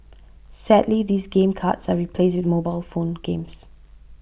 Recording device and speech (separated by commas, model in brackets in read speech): boundary microphone (BM630), read sentence